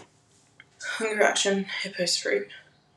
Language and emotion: English, fearful